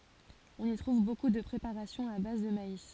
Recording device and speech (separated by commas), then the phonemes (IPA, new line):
forehead accelerometer, read sentence
ɔ̃n i tʁuv boku də pʁepaʁasjɔ̃z a baz də mais